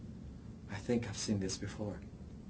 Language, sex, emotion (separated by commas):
English, male, neutral